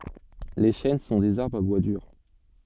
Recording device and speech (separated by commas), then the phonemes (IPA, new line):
soft in-ear microphone, read sentence
le ʃɛn sɔ̃ dez aʁbʁz a bwa dyʁ